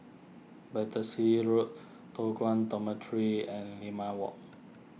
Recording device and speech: mobile phone (iPhone 6), read sentence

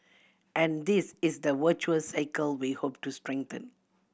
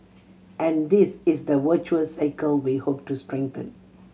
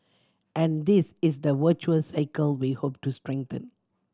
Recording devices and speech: boundary microphone (BM630), mobile phone (Samsung C7100), standing microphone (AKG C214), read sentence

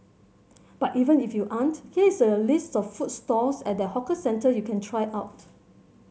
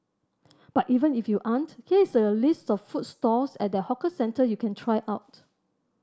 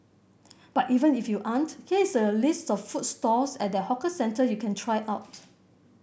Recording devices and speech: mobile phone (Samsung C7100), standing microphone (AKG C214), boundary microphone (BM630), read sentence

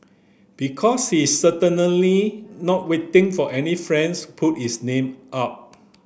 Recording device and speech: boundary microphone (BM630), read sentence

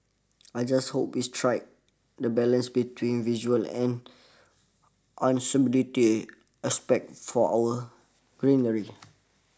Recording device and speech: standing microphone (AKG C214), read sentence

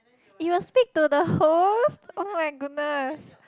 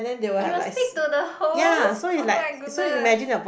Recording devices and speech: close-talking microphone, boundary microphone, conversation in the same room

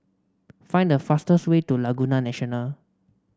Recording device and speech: standing microphone (AKG C214), read sentence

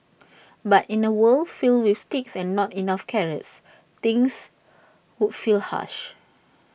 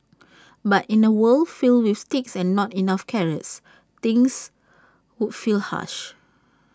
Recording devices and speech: boundary microphone (BM630), standing microphone (AKG C214), read sentence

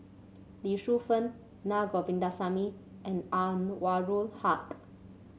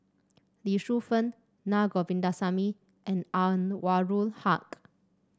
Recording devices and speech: mobile phone (Samsung C7), standing microphone (AKG C214), read sentence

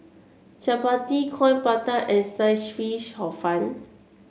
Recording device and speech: mobile phone (Samsung C7), read sentence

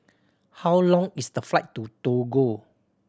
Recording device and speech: standing microphone (AKG C214), read sentence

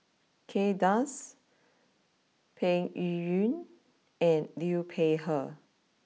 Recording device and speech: mobile phone (iPhone 6), read sentence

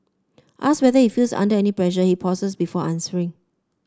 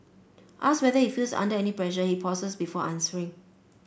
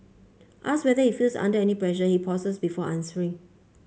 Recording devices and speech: standing microphone (AKG C214), boundary microphone (BM630), mobile phone (Samsung C5), read sentence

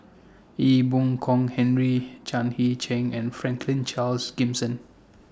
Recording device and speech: standing microphone (AKG C214), read sentence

